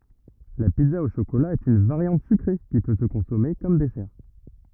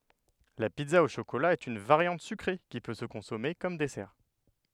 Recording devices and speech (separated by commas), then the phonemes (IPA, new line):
rigid in-ear microphone, headset microphone, read sentence
la pizza o ʃokola ɛt yn vaʁjɑ̃t sykʁe ki pø sə kɔ̃sɔme kɔm dɛsɛʁ